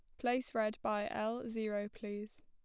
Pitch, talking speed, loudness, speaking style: 220 Hz, 165 wpm, -38 LUFS, plain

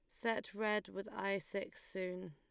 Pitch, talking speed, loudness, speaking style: 195 Hz, 170 wpm, -41 LUFS, Lombard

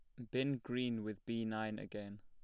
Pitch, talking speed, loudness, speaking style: 115 Hz, 195 wpm, -41 LUFS, plain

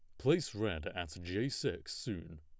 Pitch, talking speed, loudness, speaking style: 90 Hz, 165 wpm, -37 LUFS, plain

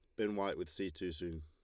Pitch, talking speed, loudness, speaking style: 90 Hz, 295 wpm, -40 LUFS, Lombard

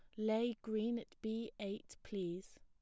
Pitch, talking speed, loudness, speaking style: 220 Hz, 150 wpm, -42 LUFS, plain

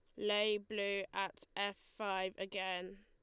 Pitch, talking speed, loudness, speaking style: 200 Hz, 125 wpm, -39 LUFS, Lombard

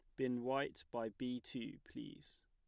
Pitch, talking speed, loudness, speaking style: 125 Hz, 160 wpm, -44 LUFS, plain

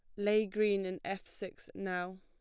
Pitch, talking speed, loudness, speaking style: 195 Hz, 180 wpm, -36 LUFS, plain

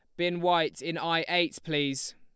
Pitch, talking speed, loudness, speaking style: 165 Hz, 185 wpm, -28 LUFS, Lombard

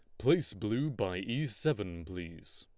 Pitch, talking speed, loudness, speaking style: 105 Hz, 150 wpm, -34 LUFS, Lombard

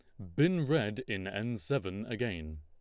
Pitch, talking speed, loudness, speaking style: 115 Hz, 160 wpm, -34 LUFS, Lombard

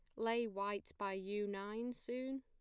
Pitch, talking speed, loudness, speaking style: 215 Hz, 165 wpm, -42 LUFS, plain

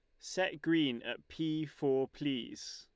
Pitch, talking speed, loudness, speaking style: 150 Hz, 140 wpm, -36 LUFS, Lombard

